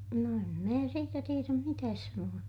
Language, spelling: Finnish, no en minä siitä tiedä mitään sanoa
- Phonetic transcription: no em mää siitä tieräm mitääs sanu₍a .

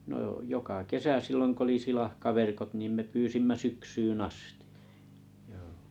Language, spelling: Finnish, no - joka kesä silloin kun oli silakkaverkot niin me pyysimme syksyyn asti joo
- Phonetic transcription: no jᵒ- 'joka "kesä 'silloŋ k ‿oli 'silahkaverkot nim 'me 'pyysimmä "syksyyn"n ‿asti , joo .

